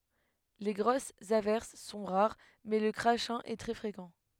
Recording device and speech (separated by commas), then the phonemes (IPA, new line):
headset microphone, read sentence
le ɡʁosz avɛʁs sɔ̃ ʁaʁ mɛ lə kʁaʃɛ̃ ɛ tʁɛ fʁekɑ̃